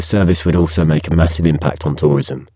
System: VC, spectral filtering